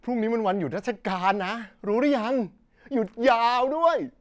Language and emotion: Thai, happy